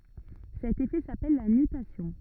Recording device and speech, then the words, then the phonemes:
rigid in-ear microphone, read sentence
Cet effet s'appelle la nutation.
sɛt efɛ sapɛl la nytasjɔ̃

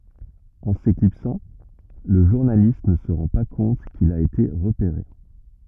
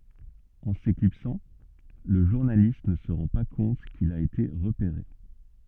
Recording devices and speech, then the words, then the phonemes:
rigid in-ear microphone, soft in-ear microphone, read sentence
En s'éclipsant, le journaliste ne se rend pas compte qu'il a été repéré.
ɑ̃ seklipsɑ̃ lə ʒuʁnalist nə sə ʁɑ̃ pa kɔ̃t kil a ete ʁəpeʁe

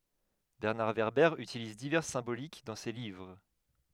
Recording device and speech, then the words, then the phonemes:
headset microphone, read sentence
Bernard Werber utilise diverses symboliques dans ses livres.
bɛʁnaʁ vɛʁbɛʁ ytiliz divɛʁs sɛ̃bolik dɑ̃ se livʁ

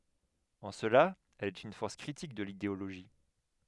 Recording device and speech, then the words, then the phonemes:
headset microphone, read sentence
En cela, elle est une force critique de l'idéologie.
ɑ̃ səla ɛl ɛt yn fɔʁs kʁitik də lideoloʒi

